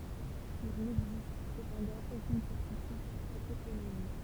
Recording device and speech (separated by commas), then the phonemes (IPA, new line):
temple vibration pickup, read sentence
il nɛɡzist səpɑ̃dɑ̃ okyn sɛʁtityd syʁ sə toponim